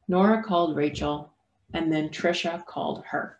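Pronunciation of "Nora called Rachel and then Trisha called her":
The words 'called' and 'her' are said separately, without linking.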